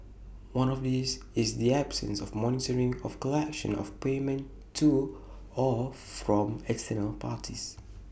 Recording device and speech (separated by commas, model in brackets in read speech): boundary microphone (BM630), read sentence